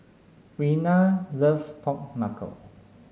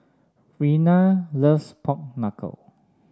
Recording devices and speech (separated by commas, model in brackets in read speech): mobile phone (Samsung S8), standing microphone (AKG C214), read sentence